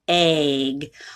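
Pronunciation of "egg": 'Egg' is said with a vowel that is almost a long A sound, rather than an E sound.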